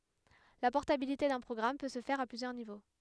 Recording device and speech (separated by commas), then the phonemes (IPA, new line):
headset microphone, read sentence
la pɔʁtabilite dœ̃ pʁɔɡʁam pø sə fɛʁ a plyzjœʁ nivo